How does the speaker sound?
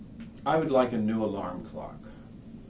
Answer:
neutral